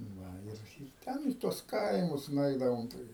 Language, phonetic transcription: Lithuanian, ˈna ir ir ˈten į tuos ˈkaimus nuˈeidavom tai

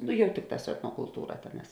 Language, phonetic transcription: Lithuanian, nu ˈjau ˈtikˌtās su etnokulˈtūra ˈtėˌnās

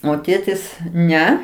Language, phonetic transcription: Lithuanian, o ˈtėtis ˈne

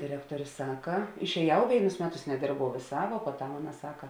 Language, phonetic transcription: Lithuanian, diˈrektuorė ˈsaka išēˈjau ˈvėinus ˈmeˌtus neˈdėrbau vėˈsā vuo puoˈtam ˈaˌna ˈsaka

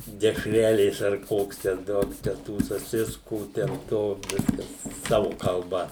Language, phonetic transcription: Lithuanian, dešˈrelės ar ˈkoks ten ˈduok čia ˈtų saˈsiskų ten ˈto ˈviskas ˈsavu kalˈba

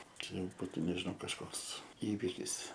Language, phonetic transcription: Lithuanian, ˈčia jau ˈbūtu nežiˈnau kažˈkoks ˈįvikis

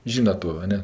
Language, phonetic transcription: Lithuanian, ˈžynat to a ˈne

